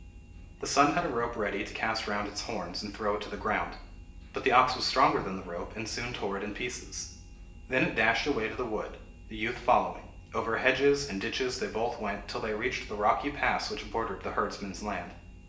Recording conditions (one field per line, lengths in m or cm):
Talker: one person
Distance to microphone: 1.8 m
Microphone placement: close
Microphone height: 1.0 m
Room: large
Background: none